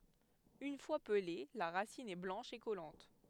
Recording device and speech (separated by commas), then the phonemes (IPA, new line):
headset microphone, read sentence
yn fwa pəle la ʁasin ɛ blɑ̃ʃ e kɔlɑ̃t